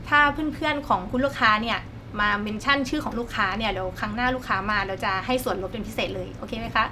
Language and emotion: Thai, neutral